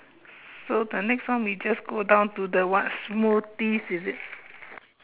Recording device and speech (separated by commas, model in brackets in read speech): telephone, conversation in separate rooms